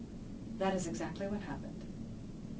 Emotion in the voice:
neutral